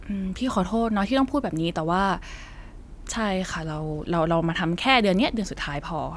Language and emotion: Thai, frustrated